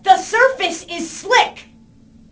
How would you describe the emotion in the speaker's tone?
angry